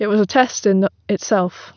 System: none